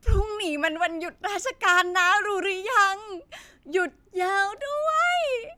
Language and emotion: Thai, happy